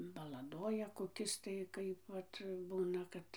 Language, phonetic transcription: Lithuanian, balaˈdoja koˈkis tai ˈkaip ˈvat ˈbūna ˈkad

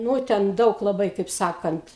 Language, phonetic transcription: Lithuanian, ˈnū ten ˈdaug laˈbai kaip ˈsakant

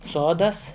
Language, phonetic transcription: Lithuanian, ˈsodas

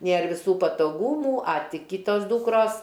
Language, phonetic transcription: Lithuanian, ˈnėr viˈsų patoˈgūmų a ˈti ˈkytos ˈdūkros

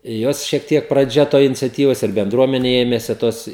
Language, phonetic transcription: Lithuanian, ˈjos šiek ˈtiek praˈdžia ˈtoj iniciaˈtyvas ir benˈdruomene ˈėmesi ˈtos

